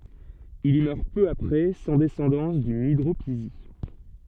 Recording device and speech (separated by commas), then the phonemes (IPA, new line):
soft in-ear microphone, read sentence
il i mœʁ pø apʁɛ sɑ̃ dɛsɑ̃dɑ̃s dyn idʁopizi